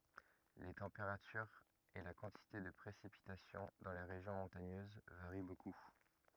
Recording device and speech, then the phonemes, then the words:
rigid in-ear microphone, read sentence
le tɑ̃peʁatyʁz e la kɑ̃tite də pʁesipitasjɔ̃ dɑ̃ le ʁeʒjɔ̃ mɔ̃taɲøz vaʁi boku
Les températures et la quantité de précipitations dans les régions montagneuses varient beaucoup.

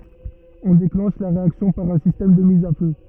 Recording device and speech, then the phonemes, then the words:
rigid in-ear microphone, read sentence
ɔ̃ deklɑ̃ʃ la ʁeaksjɔ̃ paʁ œ̃ sistɛm də miz a fø
On déclenche la réaction par un système de mise à feu.

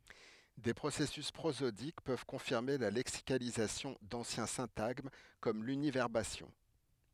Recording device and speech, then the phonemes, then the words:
headset microphone, read sentence
de pʁosɛsys pʁozodik pøv kɔ̃fiʁme la lɛksikalizasjɔ̃ dɑ̃sjɛ̃ sɛ̃taɡm kɔm lynivɛʁbasjɔ̃
Des processus prosodiques peuvent confirmer la lexicalisation d'anciens syntagmes, comme l'univerbation.

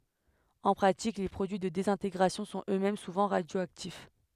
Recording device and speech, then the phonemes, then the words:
headset microphone, read sentence
ɑ̃ pʁatik le pʁodyi də dezɛ̃teɡʁasjɔ̃ sɔ̃t øksmɛm suvɑ̃ ʁadjoaktif
En pratique, les produits de désintégration sont eux-mêmes souvent radioactifs.

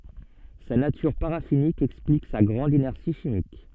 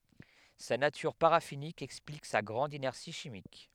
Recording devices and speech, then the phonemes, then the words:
soft in-ear microphone, headset microphone, read sentence
sa natyʁ paʁafinik ɛksplik sa ɡʁɑ̃d inɛʁsi ʃimik
Sa nature paraffinique explique sa grande inertie chimique.

